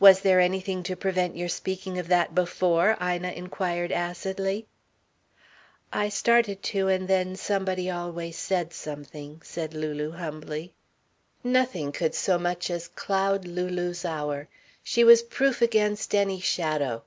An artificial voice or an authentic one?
authentic